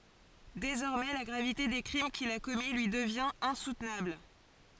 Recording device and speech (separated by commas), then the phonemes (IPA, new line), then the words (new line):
forehead accelerometer, read sentence
dezɔʁmɛ la ɡʁavite de kʁim kil a kɔmi lyi dəvjɛ̃t ɛ̃sutnabl
Désormais, la gravité des crimes qu'il a commis lui devient insoutenable.